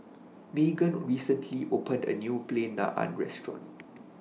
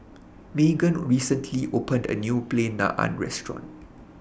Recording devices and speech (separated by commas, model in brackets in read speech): mobile phone (iPhone 6), boundary microphone (BM630), read sentence